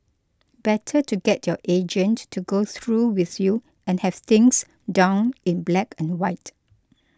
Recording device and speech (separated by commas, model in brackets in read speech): close-talking microphone (WH20), read sentence